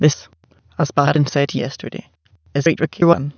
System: TTS, waveform concatenation